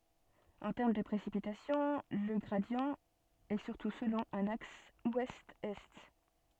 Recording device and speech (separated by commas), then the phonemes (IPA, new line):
soft in-ear microphone, read sentence
ɑ̃ tɛʁm də pʁesipitasjɔ̃ lə ɡʁadi ɛ syʁtu səlɔ̃ œ̃n aks wɛstɛst